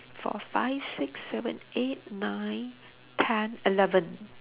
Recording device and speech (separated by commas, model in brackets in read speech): telephone, conversation in separate rooms